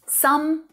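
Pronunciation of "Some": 'Some' is said in its stressed form, not its unstressed form.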